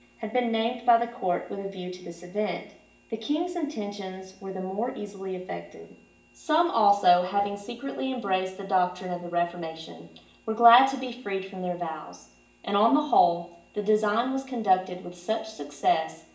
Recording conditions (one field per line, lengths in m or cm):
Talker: one person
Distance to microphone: 1.8 m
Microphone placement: close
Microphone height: 1.0 m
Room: large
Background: none